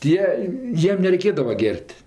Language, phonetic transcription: Lithuanian, ˈtie ˈjiem nereiˈkėdava ˈger't'

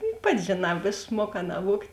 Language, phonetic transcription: Lithuanian, juk ˈpati žėˈnā išˈmuoˌkā naˈvuogt'

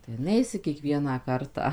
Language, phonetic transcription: Lithuanian, tai ˈneisi kieˈkvieną ˈkartą

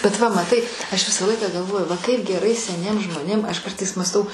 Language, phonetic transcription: Lithuanian, bet va maˈtai ˈaš ˈvisą ˈlaiką gaˈlvoju va ˈkaip geˈrai seˈniems žmoˈnėm ˈaš ˈkartais mąsˈtau

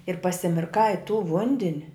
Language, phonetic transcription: Lithuanian, ir pasimirˈkai i tų ˈvundin'

